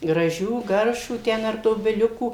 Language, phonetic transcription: Lithuanian, graˈžių ˈgaršvų ˈten ar dobiˈliukų

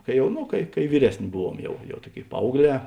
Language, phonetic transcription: Lithuanian, kai ˈjau ˈnu kai kai ˈvyresˌnė ˈbuˌvuom ˈjau jau ˈtuoˌkėi ˈpaaugˌlē

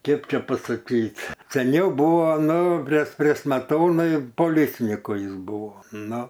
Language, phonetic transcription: Lithuanian, ˈkėp ˈčia pasaˈkyt seˈniau ˈbuvo ˈnu pres pre smeˈtonai poˈlicniku ˈjis ˈbuvo ˈnu

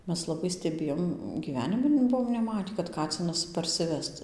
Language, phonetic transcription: Lithuanian, ˈmes laˈbai steˈbėjom gyˈvenimi ˈbuvom neˈmatį kad ˈkacinas parsiˈvest

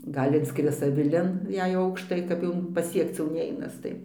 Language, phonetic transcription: Lithuanian, ˈgal' inˈskris aviˈlin jei ˈaukštai kap ˈjau paˈsiekc jau ˈneinas ˈtai

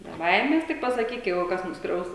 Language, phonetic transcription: Lithuanian, be ˈbaimes ˈtik pasaˈkyk ˈjeigu ˈkas nusˈkriaus

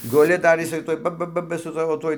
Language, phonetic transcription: Lithuanian, guˈli dar jiˈsai ˈtuoj ˈba ˈba ˈba su ˈsavo ˈtuoj

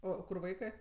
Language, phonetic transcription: Lithuanian, ˈo ˈkur ˈvaikɜ

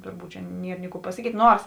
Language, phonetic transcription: Lithuanian, ˈturˌbūt čia ˈnier ni ˈkų pasaˈkyt' ˈnors

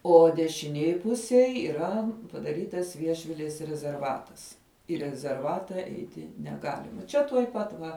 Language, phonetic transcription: Lithuanian, o dešiˈnėj ˈpusėj yˈra padaˈrytas ˈviešvilės rezerˈvatas į rezerˈvata ˈeiti neˈgalima ˈčia tuoj ˈpat va

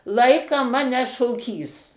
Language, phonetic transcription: Lithuanian, ˈlaiką ˈmane šoˈkys

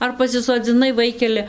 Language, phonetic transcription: Lithuanian, ˈar pasisodziˈnai ˈvaikele

